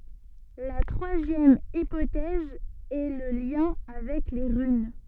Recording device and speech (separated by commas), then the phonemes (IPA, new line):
soft in-ear microphone, read sentence
la tʁwazjɛm ipotɛz ɛ lə ljɛ̃ avɛk le ʁyn